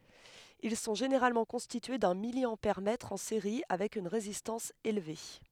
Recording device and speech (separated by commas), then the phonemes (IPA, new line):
headset microphone, read sentence
il sɔ̃ ʒeneʁalmɑ̃ kɔ̃stitye dœ̃ miljɑ̃pɛʁmɛtʁ ɑ̃ seʁi avɛk yn ʁezistɑ̃s elve